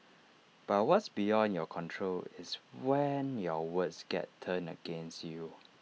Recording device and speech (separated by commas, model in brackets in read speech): mobile phone (iPhone 6), read sentence